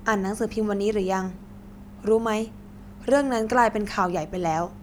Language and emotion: Thai, neutral